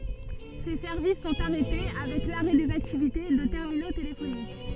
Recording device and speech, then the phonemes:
soft in-ear microphone, read sentence
se sɛʁvis sɔ̃t aʁɛte avɛk laʁɛ dez aktivite də tɛʁmino telefonik

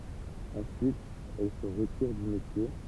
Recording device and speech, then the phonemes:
temple vibration pickup, read sentence
ɑ̃syit ɛl sə ʁətiʁ dy metje

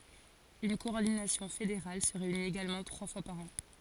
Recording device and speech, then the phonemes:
forehead accelerometer, read sentence
yn kɔɔʁdinasjɔ̃ fedeʁal sə ʁeynit eɡalmɑ̃ tʁwa fwa paʁ ɑ̃

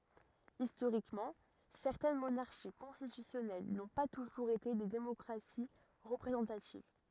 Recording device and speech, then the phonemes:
rigid in-ear microphone, read sentence
istoʁikmɑ̃ sɛʁtɛn monaʁʃi kɔ̃stitysjɔnɛl nɔ̃ pa tuʒuʁz ete de demɔkʁasi ʁəpʁezɑ̃tativ

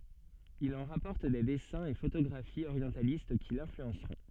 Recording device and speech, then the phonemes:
soft in-ear microphone, read sentence
il ɑ̃ ʁapɔʁt de dɛsɛ̃z e fotoɡʁafiz oʁjɑ̃talist ki lɛ̃flyɑ̃sʁɔ̃

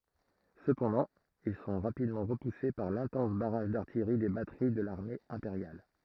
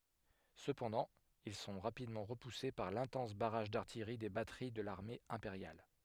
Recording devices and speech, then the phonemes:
throat microphone, headset microphone, read sentence
səpɑ̃dɑ̃ il sɔ̃ ʁapidmɑ̃ ʁəpuse paʁ lɛ̃tɑ̃s baʁaʒ daʁtijʁi de batəʁi də laʁme ɛ̃peʁjal

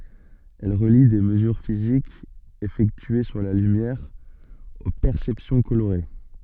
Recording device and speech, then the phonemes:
soft in-ear microphone, read sentence
ɛl ʁəli de məzyʁ fizikz efɛktye syʁ la lymjɛʁ o pɛʁsɛpsjɔ̃ koloʁe

